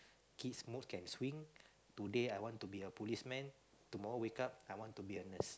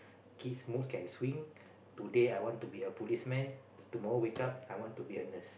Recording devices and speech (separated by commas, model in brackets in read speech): close-talking microphone, boundary microphone, conversation in the same room